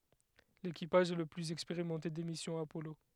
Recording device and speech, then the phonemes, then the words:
headset microphone, read sentence
lekipaʒ ɛ lə plyz ɛkspeʁimɑ̃te de misjɔ̃z apɔlo
L'équipage est le plus expérimenté des missions Apollo.

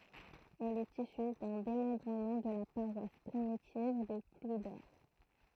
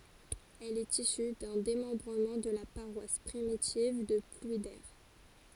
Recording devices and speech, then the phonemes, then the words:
throat microphone, forehead accelerometer, read sentence
ɛl ɛt isy dœ̃ demɑ̃bʁəmɑ̃ də la paʁwas pʁimitiv də plwide
Elle est issue d'un démembrement de la paroisse primitive de Plouider.

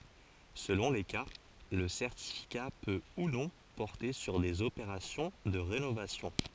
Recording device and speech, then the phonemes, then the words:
forehead accelerometer, read sentence
səlɔ̃ le ka lə sɛʁtifika pø u nɔ̃ pɔʁte syʁ dez opeʁasjɔ̃ də ʁenovasjɔ̃
Selon les cas le certificat peut ou non porter sur des opérations de rénovation.

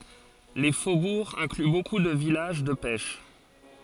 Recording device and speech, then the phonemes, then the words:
forehead accelerometer, read sentence
le fobuʁz ɛ̃kly boku də vilaʒ də pɛʃ
Les faubourgs incluent beaucoup de villages de pêche.

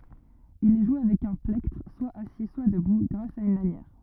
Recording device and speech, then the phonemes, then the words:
rigid in-ear microphone, read sentence
il ɛ ʒwe avɛk œ̃ plɛktʁ swa asi swa dəbu ɡʁas a yn lanjɛʁ
Il est joué avec un plectre, soit assis, soit debout, grâce à une lanière.

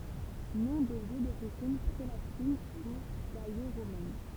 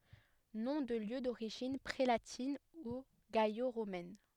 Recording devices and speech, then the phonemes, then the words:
temple vibration pickup, headset microphone, read sentence
nɔ̃ də ljø doʁiʒin pʁelatin u ɡalo ʁomɛn
Noms de lieux d’origine prélatine ou gallo-romaine.

